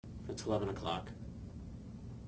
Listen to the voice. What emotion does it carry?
neutral